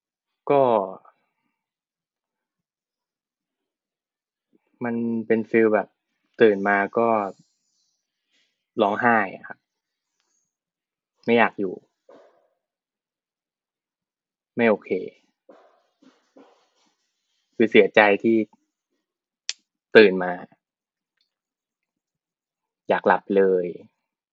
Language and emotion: Thai, frustrated